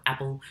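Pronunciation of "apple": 'Apple' begins with a glottal stop: a little pop of air at the very start of the word.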